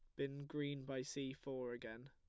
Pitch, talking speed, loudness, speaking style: 135 Hz, 190 wpm, -47 LUFS, plain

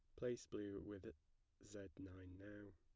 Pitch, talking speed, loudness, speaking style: 100 Hz, 140 wpm, -53 LUFS, plain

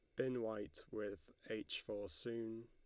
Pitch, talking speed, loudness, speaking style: 110 Hz, 145 wpm, -46 LUFS, Lombard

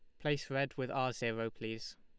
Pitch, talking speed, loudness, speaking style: 130 Hz, 200 wpm, -38 LUFS, Lombard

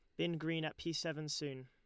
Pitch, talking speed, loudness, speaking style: 155 Hz, 245 wpm, -40 LUFS, Lombard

